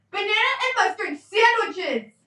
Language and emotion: English, angry